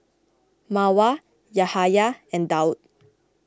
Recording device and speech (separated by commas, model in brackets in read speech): close-talking microphone (WH20), read sentence